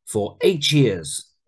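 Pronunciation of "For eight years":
In 'eight years', the t and the y combine to make a ch sound.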